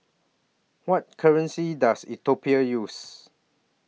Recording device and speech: mobile phone (iPhone 6), read sentence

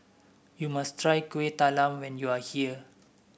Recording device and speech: boundary microphone (BM630), read sentence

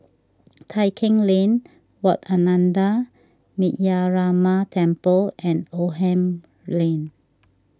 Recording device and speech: standing microphone (AKG C214), read sentence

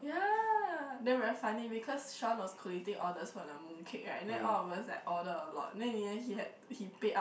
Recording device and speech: boundary microphone, conversation in the same room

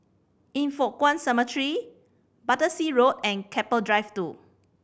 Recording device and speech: boundary microphone (BM630), read sentence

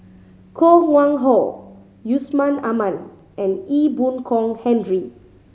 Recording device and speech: mobile phone (Samsung C5010), read sentence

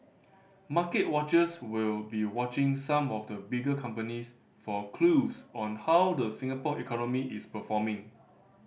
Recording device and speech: boundary microphone (BM630), read sentence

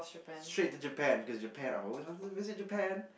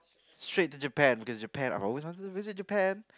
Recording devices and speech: boundary microphone, close-talking microphone, conversation in the same room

